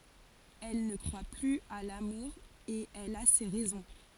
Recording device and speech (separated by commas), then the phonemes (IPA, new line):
forehead accelerometer, read sentence
ɛl nə kʁwa plyz a lamuʁ e ɛl a se ʁɛzɔ̃